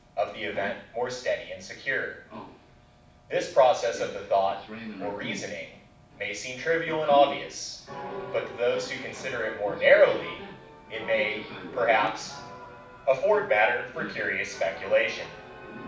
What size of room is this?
A moderately sized room (about 5.7 m by 4.0 m).